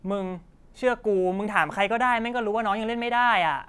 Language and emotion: Thai, frustrated